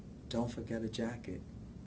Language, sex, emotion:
English
male
neutral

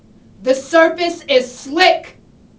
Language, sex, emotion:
English
female
angry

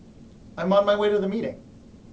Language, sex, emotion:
English
male
neutral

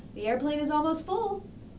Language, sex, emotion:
English
female
happy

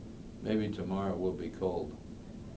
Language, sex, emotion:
English
male
neutral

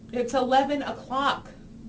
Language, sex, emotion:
English
female
disgusted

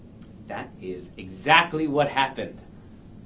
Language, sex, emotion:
English
male
angry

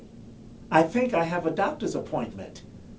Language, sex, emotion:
English
male
neutral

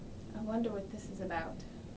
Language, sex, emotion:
English
female
neutral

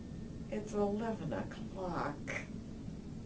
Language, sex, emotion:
English
female
disgusted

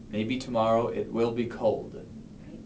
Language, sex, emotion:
English
male
neutral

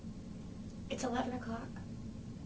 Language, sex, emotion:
English
female
neutral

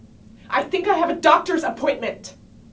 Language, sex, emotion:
English
female
angry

